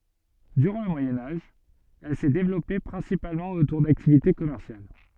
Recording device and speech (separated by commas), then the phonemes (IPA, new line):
soft in-ear microphone, read sentence
dyʁɑ̃ lə mwajɛ̃ aʒ ɛl sɛ devlɔpe pʁɛ̃sipalmɑ̃ otuʁ daktivite kɔmɛʁsjal